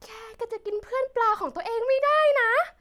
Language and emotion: Thai, happy